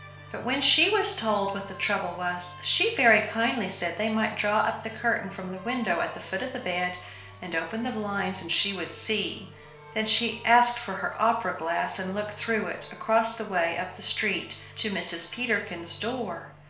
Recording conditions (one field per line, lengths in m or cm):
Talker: one person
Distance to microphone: 1.0 m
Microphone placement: close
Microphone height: 1.1 m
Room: small (3.7 m by 2.7 m)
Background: music